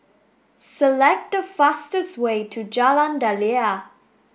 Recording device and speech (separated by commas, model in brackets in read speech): boundary microphone (BM630), read sentence